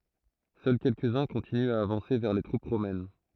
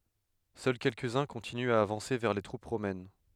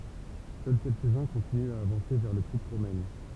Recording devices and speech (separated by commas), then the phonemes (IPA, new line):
throat microphone, headset microphone, temple vibration pickup, read sentence
sœl kɛlkəzœ̃ kɔ̃tinyt a avɑ̃se vɛʁ le tʁup ʁomɛn